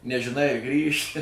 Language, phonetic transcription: Lithuanian, nežiˈnai a ˈgrįši

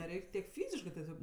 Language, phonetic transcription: Lithuanian, neˈreik' tiek ˈfyziškɜ teˈsiog

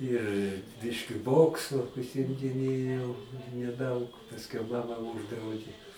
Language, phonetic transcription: Lithuanian, ir ˈbiški ˈboksu užsimdiˈnėjau neˈdaug pasˈkiau ˈmama ˈūždraudė

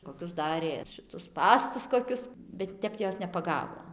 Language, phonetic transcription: Lithuanian, koˈkius ˈdarė šiˈtus ˈspąstus koˈkius bet ˈtep ˈjos nepaˈgavo

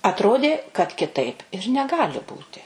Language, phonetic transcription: Lithuanian, atˈrodė kad kiˈtaip ir neˈgali ˈbūti

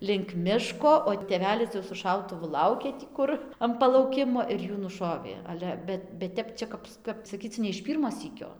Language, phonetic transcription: Lithuanian, link ˈmiško o tėˈvelis jau su ˈšautuvu ˈlaukė tį ˈkur am palauˈkimo ir ˈjų nuˈšovė ˈale ˈbet bet ˈtep ˈčia kap kap saˈkyc ne iš ˈpyrmo ˈsykio

